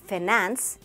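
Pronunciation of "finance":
'Finance' is pronounced incorrectly here.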